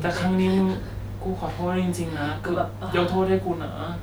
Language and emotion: Thai, sad